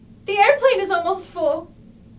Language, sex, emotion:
English
female
fearful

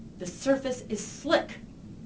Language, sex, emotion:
English
female
angry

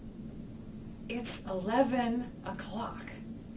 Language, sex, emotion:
English
female
angry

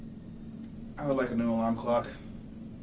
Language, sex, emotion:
English
male
neutral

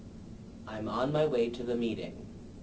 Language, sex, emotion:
English
male
neutral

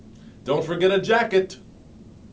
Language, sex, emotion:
English
male
neutral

